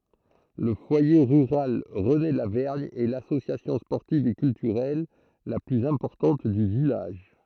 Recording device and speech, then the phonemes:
throat microphone, read sentence
lə fwaje ʁyʁal ʁənelavɛʁɲ ɛ lasosjasjɔ̃ spɔʁtiv e kyltyʁɛl la plyz ɛ̃pɔʁtɑ̃t dy vilaʒ

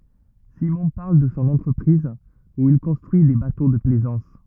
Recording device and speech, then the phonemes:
rigid in-ear microphone, read sentence
simɔ̃ paʁl də sɔ̃ ɑ̃tʁəpʁiz u il kɔ̃stʁyi de bato də plɛzɑ̃s

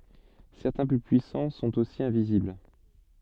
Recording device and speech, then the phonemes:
soft in-ear microphone, read sentence
sɛʁtɛ̃ ply pyisɑ̃ sɔ̃t osi ɛ̃vizibl

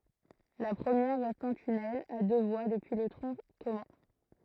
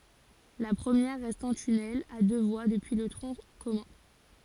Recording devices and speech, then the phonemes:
throat microphone, forehead accelerometer, read sentence
la pʁəmjɛʁ ʁɛst ɑ̃ tynɛl a dø vwa dəpyi lə tʁɔ̃ kɔmœ̃

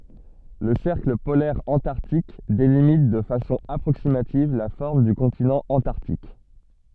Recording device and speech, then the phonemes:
soft in-ear microphone, read sentence
lə sɛʁkl polɛʁ ɑ̃taʁtik delimit də fasɔ̃ apʁoksimativ la fɔʁm dy kɔ̃tinɑ̃ ɑ̃taʁtik

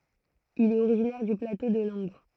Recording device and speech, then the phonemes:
throat microphone, read sentence
il ɛt oʁiʒinɛʁ dy plato də lɑ̃ɡʁ

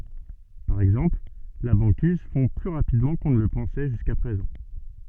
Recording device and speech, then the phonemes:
soft in-ear microphone, read sentence
paʁ ɛɡzɑ̃pl la bɑ̃kiz fɔ̃ ply ʁapidmɑ̃ kɔ̃ nə lə pɑ̃sɛ ʒyska pʁezɑ̃

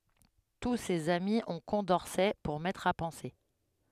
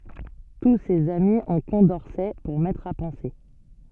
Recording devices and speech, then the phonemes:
headset microphone, soft in-ear microphone, read sentence
tu sez ami ɔ̃ kɔ̃dɔʁsɛ puʁ mɛtʁ a pɑ̃se

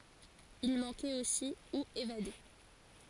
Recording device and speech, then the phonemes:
forehead accelerometer, read sentence
il mɑ̃kɛt osi u evade

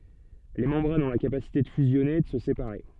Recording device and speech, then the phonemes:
soft in-ear microphone, read sentence
le mɑ̃bʁanz ɔ̃ la kapasite də fyzjɔne e də sə sepaʁe

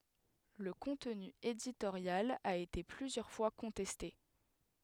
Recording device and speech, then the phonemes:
headset microphone, read sentence
lə kɔ̃tny editoʁjal a ete plyzjœʁ fwa kɔ̃tɛste

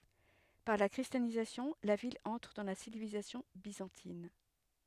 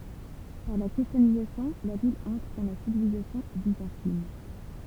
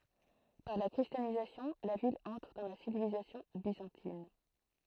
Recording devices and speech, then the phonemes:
headset microphone, temple vibration pickup, throat microphone, read sentence
paʁ la kʁistjanizasjɔ̃ la vil ɑ̃tʁ dɑ̃ la sivilizasjɔ̃ bizɑ̃tin

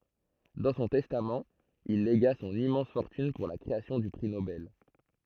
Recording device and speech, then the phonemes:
throat microphone, read sentence
dɑ̃ sɔ̃ tɛstamt il leɡa sɔ̃n immɑ̃s fɔʁtyn puʁ la kʁeasjɔ̃ dy pʁi nobɛl

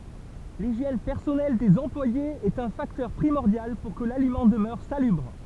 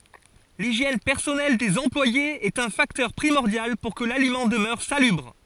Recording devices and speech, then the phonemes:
temple vibration pickup, forehead accelerometer, read sentence
liʒjɛn pɛʁsɔnɛl dez ɑ̃plwajez ɛt œ̃ faktœʁ pʁimɔʁdjal puʁ kə lalimɑ̃ dəmœʁ salybʁ

